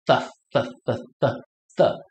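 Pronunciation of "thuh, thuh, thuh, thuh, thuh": The repeated th sounds in 'thuh, thuh, thuh' are pronounced incorrectly here.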